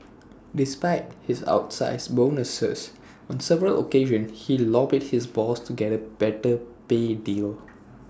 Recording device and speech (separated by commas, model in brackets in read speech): standing microphone (AKG C214), read sentence